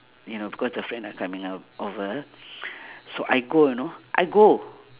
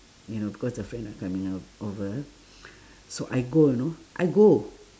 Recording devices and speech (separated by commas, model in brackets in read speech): telephone, standing microphone, conversation in separate rooms